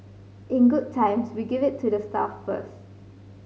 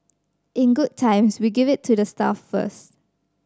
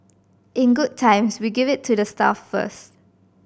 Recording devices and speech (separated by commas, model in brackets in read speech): mobile phone (Samsung C5010), standing microphone (AKG C214), boundary microphone (BM630), read sentence